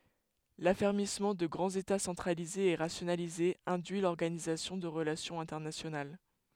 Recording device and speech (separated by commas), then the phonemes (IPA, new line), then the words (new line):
headset microphone, read sentence
lafɛʁmismɑ̃ də ɡʁɑ̃z eta sɑ̃tʁalizez e ʁasjonalizez ɛ̃dyi lɔʁɡanizasjɔ̃ də ʁəlasjɔ̃z ɛ̃tɛʁnasjonal
L'affermissement de grands États centralisés et rationalisés induit l'organisation de relations internationales.